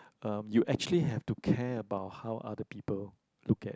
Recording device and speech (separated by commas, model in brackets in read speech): close-talking microphone, conversation in the same room